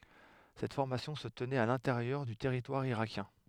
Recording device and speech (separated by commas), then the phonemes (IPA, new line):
headset microphone, read sentence
sɛt fɔʁmasjɔ̃ sə tənɛt a lɛ̃teʁjœʁ dy tɛʁitwaʁ iʁakjɛ̃